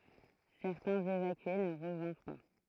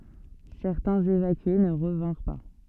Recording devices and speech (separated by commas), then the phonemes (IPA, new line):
throat microphone, soft in-ear microphone, read sentence
sɛʁtɛ̃z evakye nə ʁəvɛ̃ʁ pa